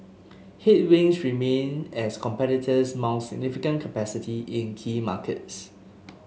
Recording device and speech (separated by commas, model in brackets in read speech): mobile phone (Samsung S8), read sentence